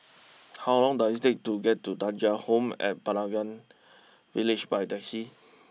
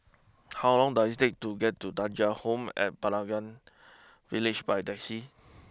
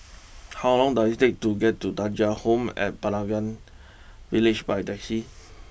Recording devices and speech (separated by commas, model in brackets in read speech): mobile phone (iPhone 6), close-talking microphone (WH20), boundary microphone (BM630), read sentence